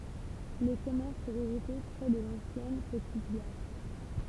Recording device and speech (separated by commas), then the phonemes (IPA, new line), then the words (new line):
temple vibration pickup, read sentence
le kɔmɛʁs sɔ̃ ʁəɡʁupe pʁɛ də lɑ̃sjɛn pətit ɡaʁ
Les commerces sont regroupés près de l'ancienne petite gare.